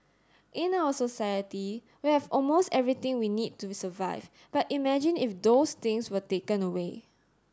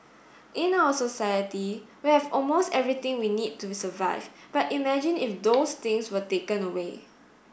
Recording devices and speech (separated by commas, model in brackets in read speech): standing microphone (AKG C214), boundary microphone (BM630), read sentence